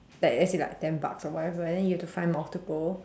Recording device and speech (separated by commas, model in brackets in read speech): standing microphone, conversation in separate rooms